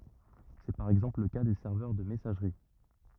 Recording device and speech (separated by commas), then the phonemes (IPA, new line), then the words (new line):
rigid in-ear microphone, read sentence
sɛ paʁ ɛɡzɑ̃pl lə ka de sɛʁvœʁ də mɛsaʒʁi
C'est par exemple le cas des serveurs de messagerie.